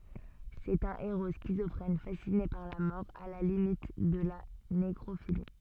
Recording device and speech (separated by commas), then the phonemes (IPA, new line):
soft in-ear microphone, read sentence
sɛt œ̃ eʁo skizɔfʁɛn fasine paʁ la mɔʁ a la limit də la nekʁofili